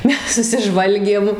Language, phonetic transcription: Lithuanian, ˈmes susiˈžvalgėm

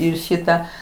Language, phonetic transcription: Lithuanian, ˈir ˈšita

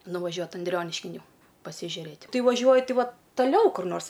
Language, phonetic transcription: Lithuanian, nuvaˈžiuot anˈdrioniškin ˈjau pasižiuˈrėt' ˈkai vaˈžiuoju ˈti ˈvot taˈliau kur ˈnors

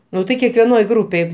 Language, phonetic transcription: Lithuanian, ˈnu tai kekveˈnoj ˈgrūpėj

